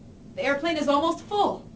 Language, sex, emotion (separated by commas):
English, female, happy